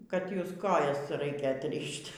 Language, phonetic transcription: Lithuanian, kad ˈjus ˈkojas ˈraikia atˈrišt'

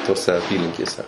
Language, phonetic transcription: Lithuanian, toˈse aˈpylinkėse

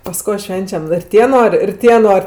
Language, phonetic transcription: Lithuanian, pas ˈko ˈšvenčiam ir ˈtie ˈnor' ir ˈtie ˈnor'

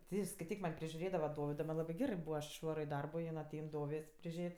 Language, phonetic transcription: Lithuanian, ti i skaiˈtyk man' prižiuˈrėdava ˈdovido man' ˈlabɜ ˈgerɜ ˈbūva aš išˈvaro i ˈ darbo jin aˈtein ˈdovės' priˈžėt'

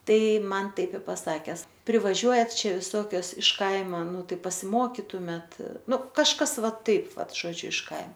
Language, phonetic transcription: Lithuanian, ˈtai ˈman ˈtaip i paˈsakes prˈivažiuojat ˈčia viˈsokios iš ˈkaima ˈnu ˈtai pasiˈmokitumėt ˈnu kažˈkas ˈva ˈtaip ˈvat žoˈdžiu iš kai

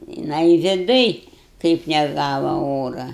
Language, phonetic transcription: Lithuanian, jiˈnai viˈduj kaip neˈgava ˈora

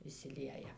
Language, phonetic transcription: Lithuanian, išsiˈlieja

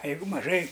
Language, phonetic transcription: Lithuanian, a ˈjeigu maˈžai

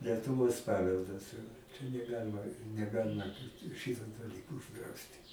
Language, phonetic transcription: Lithuanian, letuˈvos ˈpaveldas čia neˈgalima neˈgalima ˈšito daˈlyko užˈdrausti

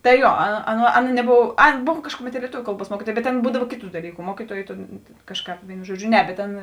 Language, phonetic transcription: Lithuanian, tai ˈjuo a ˈaˌna neˈbov ˈaˌna ˈbov ˈkažkuˌmet lieˈtuviu ˈkalˌbuos ˈmuokytuojė bet ˈaˌna ˈbūdav ˈkėˌtų daˈlyku ˈmuokytuojė tėn ˈkažˌkāp ˈvėinu ˈžuoˌdžiu ˈne bet ˈtėn

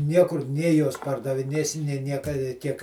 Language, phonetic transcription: Lithuanian, ˈniekur ˈnė ˈjuos pardaviˈnėsi nė ˈnieka i ˈtiek

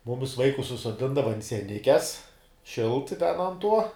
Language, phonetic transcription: Lithuanian, ˈmumis ˈvaikus susoˈdindava ant sieˈnikes ˈšilt ten ant ˈtuo

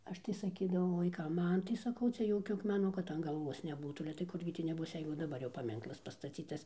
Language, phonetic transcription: Lithuanian, ˈaš tai saˈkydavau vaiˈkam ˈman tai saˈkau ˈcia ˈjokiu akmeˈnu kad an galˈvuos neˈbūtų ale tai ˈkurgi tį neˈbus ˈjeigu daˈbar jau paˈminklas pastaˈcytas

